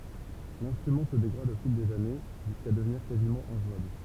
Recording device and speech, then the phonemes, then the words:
temple vibration pickup, read sentence
lɛ̃stʁymɑ̃ sə deɡʁad o fil dez ane ʒyska dəvniʁ kazimɑ̃ ɛ̃ʒwabl
L'instrument se dégrade au fil des années, jusqu'à devenir quasiment injouable.

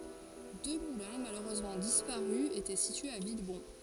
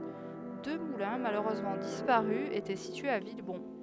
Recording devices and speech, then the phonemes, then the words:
forehead accelerometer, headset microphone, read sentence
dø mulɛ̃ maløʁøzmɑ̃ dispaʁy etɛ sityez a vilbɔ̃
Deux moulins, malheureusement disparus, étaient situés à Villebon.

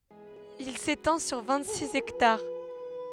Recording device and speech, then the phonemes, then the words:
headset microphone, read sentence
il setɑ̃ syʁ vɛ̃t siz ɛktaʁ
Il s'étend sur vingt-six hectares.

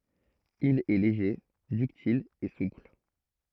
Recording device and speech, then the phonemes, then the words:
throat microphone, read sentence
il ɛ leʒe dyktil e supl
Il est léger, ductile et souple.

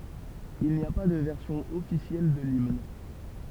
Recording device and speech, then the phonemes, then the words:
temple vibration pickup, read sentence
il ni a pa də vɛʁsjɔ̃ ɔfisjɛl də limn
Il n'y a pas de version officielle de l'hymne.

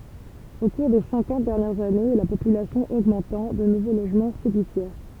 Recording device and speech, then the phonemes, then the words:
temple vibration pickup, read sentence
o kuʁ de sɛ̃kɑ̃t dɛʁnjɛʁz ane la popylasjɔ̃ oɡmɑ̃tɑ̃ də nuvo loʒmɑ̃ sedifjɛʁ
Au cours des cinquante dernières années, la population augmentant, de nouveaux logements s’édifièrent.

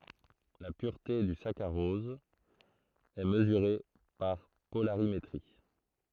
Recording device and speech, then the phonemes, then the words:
throat microphone, read sentence
la pyʁte dy sakaʁɔz ɛ məzyʁe paʁ polaʁimetʁi
La pureté du saccharose est mesurée par polarimétrie.

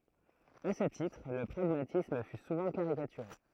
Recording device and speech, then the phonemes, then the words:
throat microphone, read sentence
a sə titʁ lə pʁaɡmatism fy suvɑ̃ kaʁikatyʁe
À ce titre, le pragmatisme fut souvent caricaturé.

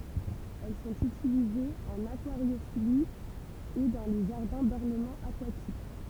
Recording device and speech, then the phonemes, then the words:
temple vibration pickup, read sentence
ɛl sɔ̃t ytilizez ɑ̃n akwaʁjofili e dɑ̃ le ʒaʁdɛ̃ dɔʁnəmɑ̃ akwatik
Elles sont utilisées en aquariophilie et dans les jardins d'ornement aquatiques.

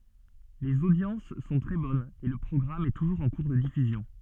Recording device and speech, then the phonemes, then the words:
soft in-ear microphone, read sentence
lez odjɑ̃s sɔ̃ tʁɛ bɔnz e lə pʁɔɡʁam ɛ tuʒuʁz ɑ̃ kuʁ də difyzjɔ̃
Les audiences sont très bonnes et le programme est toujours en cours de diffusion.

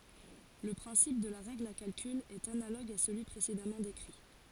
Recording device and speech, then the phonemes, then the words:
forehead accelerometer, read sentence
lə pʁɛ̃sip də la ʁɛɡl a kalkyl ɛt analoɡ a səlyi pʁesedamɑ̃ dekʁi
Le principe de la règle à calcul est analogue à celui précédemment décrit.

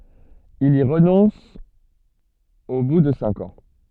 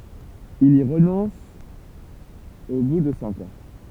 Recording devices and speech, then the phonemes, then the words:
soft in-ear microphone, temple vibration pickup, read sentence
il i ʁənɔ̃s o bu də sɛ̃k ɑ̃
Il y renonce au bout de cinq ans.

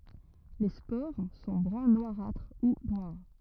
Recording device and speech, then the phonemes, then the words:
rigid in-ear microphone, read sentence
le spoʁ sɔ̃ bʁœ̃ nwaʁatʁ u nwaʁ
Les spores sont brun noirâtre ou noires.

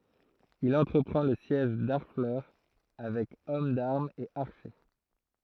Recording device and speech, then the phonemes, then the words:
throat microphone, read sentence
il ɑ̃tʁəpʁɑ̃ lə sjɛʒ daʁflœʁ avɛk ɔm daʁmz e aʁʃe
Il entreprend le siège d'Harfleur avec hommes d'armes et archers.

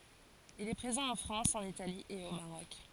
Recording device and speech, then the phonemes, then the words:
forehead accelerometer, read sentence
il ɛ pʁezɑ̃ ɑ̃ fʁɑ̃s ɑ̃n itali e o maʁɔk
Il est présent en France, en Italie et au Maroc.

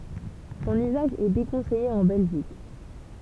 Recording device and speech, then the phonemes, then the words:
temple vibration pickup, read sentence
sɔ̃n yzaʒ ɛ dekɔ̃sɛje ɑ̃ bɛlʒik
Son usage est déconseillé en Belgique.

